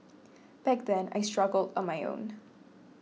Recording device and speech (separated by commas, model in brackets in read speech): mobile phone (iPhone 6), read sentence